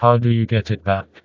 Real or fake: fake